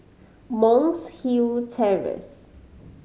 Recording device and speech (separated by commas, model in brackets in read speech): mobile phone (Samsung C5010), read sentence